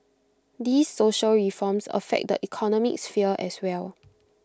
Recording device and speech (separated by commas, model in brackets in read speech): close-talking microphone (WH20), read sentence